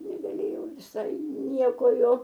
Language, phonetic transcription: Lithuanian, negaˈlėjau viˈsai ˈnieko ˈjo

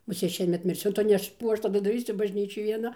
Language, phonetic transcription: Lithuanian, muˈsėt ˈšiemet mirˈsiu ˈtu ˈnes ˈkų ˈaš taˈdu daˈrysiu bažˈnyčioj vieˈna

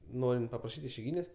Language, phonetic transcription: Lithuanian, ˈnorint papraˈšyt' išeiˈgynės'

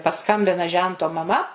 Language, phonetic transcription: Lithuanian, paˈskambina ˈžento maˈma

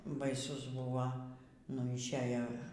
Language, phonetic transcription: Lithuanian, baiˈsus ˈbuva nu išˈejo

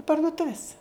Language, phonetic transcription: Lithuanian, parduˈtuvis

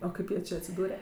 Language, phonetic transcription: Lithuanian, o ˈkaip jie ˈčė atsiˈdūre

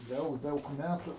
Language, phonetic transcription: Lithuanian, ˈdaug ˈdaug ˈmætu

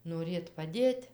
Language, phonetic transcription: Lithuanian, noˈrėt paˈdėt'

